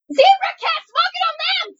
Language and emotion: English, surprised